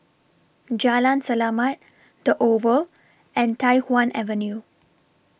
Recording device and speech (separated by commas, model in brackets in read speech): boundary microphone (BM630), read sentence